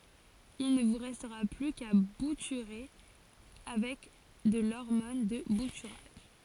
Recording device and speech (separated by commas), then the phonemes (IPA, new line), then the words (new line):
forehead accelerometer, read sentence
il nə vu ʁɛstʁa ply ka butyʁe avɛk də lɔʁmɔn də butyʁaʒ
Il ne vous restera plus qu'à bouturer avec de l'hormone de bouturage.